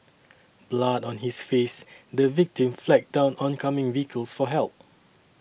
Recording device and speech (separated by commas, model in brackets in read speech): boundary microphone (BM630), read sentence